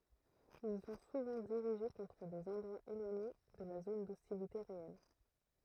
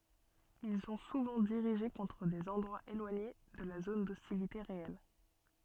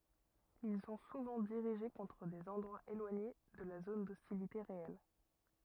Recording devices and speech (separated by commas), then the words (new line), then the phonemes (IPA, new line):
throat microphone, soft in-ear microphone, rigid in-ear microphone, read sentence
Ils sont souvent dirigés contre des endroits éloignés de la zone d'hostilité réelle.
il sɔ̃ suvɑ̃ diʁiʒe kɔ̃tʁ dez ɑ̃dʁwaz elwaɲe də la zon dɔstilite ʁeɛl